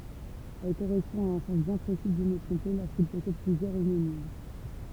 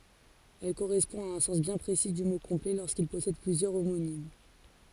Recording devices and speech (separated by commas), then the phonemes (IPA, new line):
temple vibration pickup, forehead accelerometer, read sentence
ɛl koʁɛspɔ̃ a œ̃ sɑ̃s bjɛ̃ pʁesi dy mo kɔ̃plɛ loʁskil pɔsɛd plyzjœʁ omonim